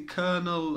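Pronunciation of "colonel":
'Colonel' is pronounced correctly here.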